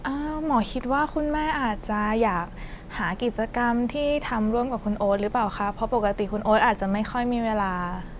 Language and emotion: Thai, neutral